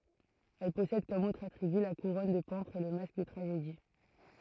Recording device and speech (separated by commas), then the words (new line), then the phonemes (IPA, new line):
throat microphone, read sentence
Elle possède comme autres attributs la couronne de pampres et le masque de tragédie.
ɛl pɔsɛd kɔm otʁz atʁiby la kuʁɔn də pɑ̃pʁz e lə mask də tʁaʒedi